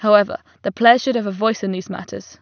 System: none